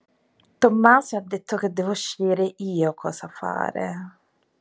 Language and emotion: Italian, disgusted